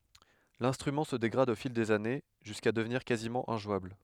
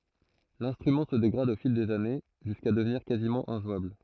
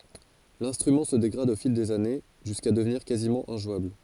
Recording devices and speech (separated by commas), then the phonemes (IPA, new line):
headset microphone, throat microphone, forehead accelerometer, read sentence
lɛ̃stʁymɑ̃ sə deɡʁad o fil dez ane ʒyska dəvniʁ kazimɑ̃ ɛ̃ʒwabl